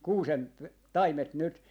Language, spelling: Finnish, kuusen taimet nyt
- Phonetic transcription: 'kuusen , "taimet 'nyt .

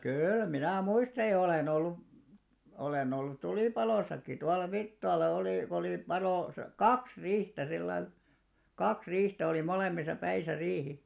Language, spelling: Finnish, kyllä minä muistan ja olen ollut olen ollut tulipalossakin tuolla Virttaalla oli kun oli palo - kaksi riihtä sillä lailla kaksi riihtä oli molemmissa päissä riihi
- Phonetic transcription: 'kỳl 'minä̀ "muistaj ja 'olèn ‿ollu , olè'n ‿ollut̆§ "tulìpalòsakki tual̆la "Virttaal̆la olì ko oli 'palò sa- "kaks 'ri̳§htä 'sillail , "kaks 'ri̳i̳§htä olì 'molemmisa 'päisä 'riihi .

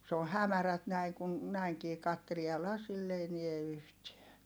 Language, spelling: Finnish, se on hämärät näin kun näinkin katselee ja lasilla ei näe yhtään
- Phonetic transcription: s ‿ooh̆ hämärät näi kun , näiŋkii kattelie ja lasill ‿ei niä yhtiä .

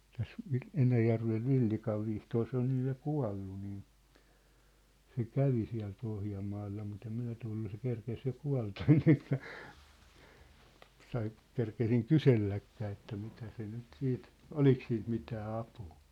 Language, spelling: Finnish, tässä - Enäjärven Villikan Vihtori se on nyt ja kuollut niin se kävi siellä Pohjanmaalla mutta en minä tullut se kerkesi jo kuolla ennen kuin minä sai kerkesin kyselläkään että mitä se nyt sitten oliko siitä mitään apua
- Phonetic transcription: täs , Vi- 'Enäjärvev "Villikav Vihtoor 'se ‿on 'nyj ja "kua̭llu niin̬ , se "kävi siä̭l 'Pohjammaalla mut ‿em 'minä tullu se 'kerkes jo 'kua̭lta enneŋk (mä) , 'sai , 'kerkesiŋ "kyselläkkää että mitä se nyt 'siit , "olik siint 'mitää 'apuu .

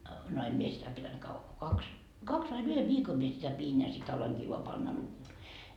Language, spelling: Finnish, no en minä sitä pitänyt kauan kun kaksi kaksi vain yhden viikon minä sitä pidin ja sitten aloinkin vain panna -
- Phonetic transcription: no 'em mie sitä pitänt 'kavva ko 'kaks , "kaks vain yhe "viikom mie sitä 'piin ja sit ‿aloiŋkii voa panna 'nuttur- ,.

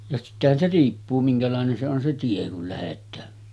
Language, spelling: Finnish, ja sittenhän se riippuu minkälainen se on se tie kun lähdetään
- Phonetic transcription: ja sittehän se 'riippuu 'miŋkälàenen se on se 'tie kul lähet̆tää .

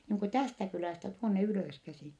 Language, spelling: Finnish, niin kuin tästä kylästä tuonne ylöskäsin
- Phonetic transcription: niiŋ ku tästä kylä̀stä tuonne ylö̀skäsìn̬ .

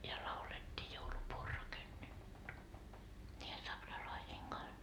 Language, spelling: Finnish, ja laulettiin joulupuu on rakennettu niiden saksalaisten kanssa
- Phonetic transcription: ja laulet́t́ii » joulupuu o "rakennettu » , ńiihe 'saksalaisiiŋ Gans .

